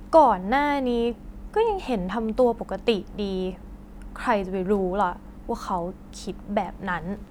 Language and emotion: Thai, frustrated